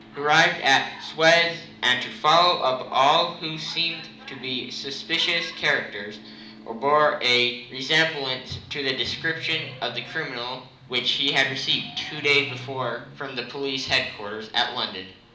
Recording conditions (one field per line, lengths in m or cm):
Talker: one person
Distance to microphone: 2.0 m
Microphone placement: close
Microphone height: 99 cm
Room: medium-sized (5.7 m by 4.0 m)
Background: television